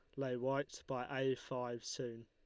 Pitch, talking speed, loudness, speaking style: 125 Hz, 175 wpm, -41 LUFS, Lombard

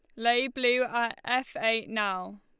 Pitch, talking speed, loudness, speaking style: 235 Hz, 165 wpm, -28 LUFS, Lombard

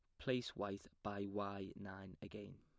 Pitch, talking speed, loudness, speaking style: 100 Hz, 150 wpm, -47 LUFS, plain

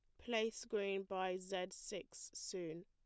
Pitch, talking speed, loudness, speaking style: 195 Hz, 135 wpm, -44 LUFS, plain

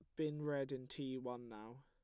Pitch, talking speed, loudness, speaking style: 130 Hz, 220 wpm, -45 LUFS, plain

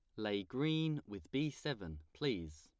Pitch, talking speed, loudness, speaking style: 110 Hz, 150 wpm, -40 LUFS, plain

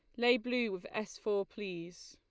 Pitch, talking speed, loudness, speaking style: 210 Hz, 190 wpm, -35 LUFS, Lombard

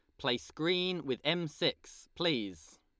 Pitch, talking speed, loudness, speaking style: 150 Hz, 140 wpm, -34 LUFS, Lombard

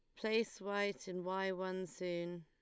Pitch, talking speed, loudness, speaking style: 185 Hz, 160 wpm, -40 LUFS, Lombard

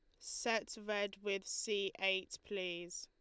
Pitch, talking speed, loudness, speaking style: 200 Hz, 130 wpm, -40 LUFS, Lombard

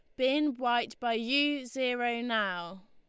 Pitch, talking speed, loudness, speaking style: 240 Hz, 135 wpm, -30 LUFS, Lombard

